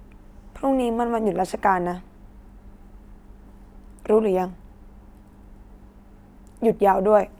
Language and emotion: Thai, frustrated